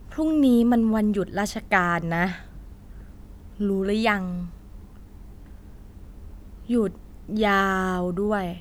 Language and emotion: Thai, frustrated